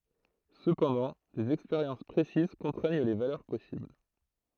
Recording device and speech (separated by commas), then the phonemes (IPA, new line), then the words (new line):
throat microphone, read sentence
səpɑ̃dɑ̃ dez ɛkspeʁjɑ̃s pʁesiz kɔ̃tʁɛɲ le valœʁ pɔsibl
Cependant, des expériences précises contraignent les valeurs possibles.